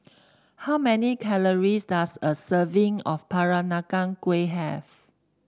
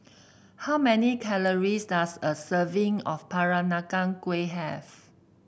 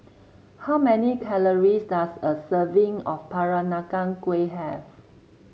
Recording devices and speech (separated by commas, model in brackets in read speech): standing microphone (AKG C214), boundary microphone (BM630), mobile phone (Samsung C7), read sentence